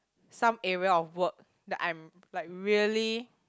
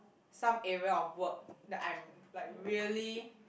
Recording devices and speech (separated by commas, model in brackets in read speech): close-talking microphone, boundary microphone, conversation in the same room